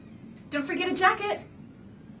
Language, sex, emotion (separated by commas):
English, female, happy